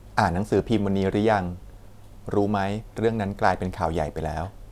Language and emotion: Thai, neutral